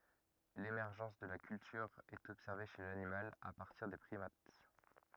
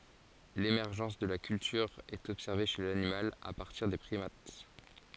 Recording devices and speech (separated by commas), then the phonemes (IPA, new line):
rigid in-ear microphone, forehead accelerometer, read sentence
lemɛʁʒɑ̃s də la kyltyʁ ɛt ɔbsɛʁve ʃe lanimal a paʁtiʁ de pʁimat